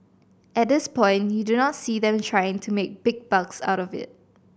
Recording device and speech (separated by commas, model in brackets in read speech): boundary microphone (BM630), read sentence